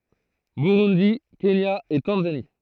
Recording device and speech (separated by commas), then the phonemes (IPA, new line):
throat microphone, read sentence
buʁundi kenja e tɑ̃zani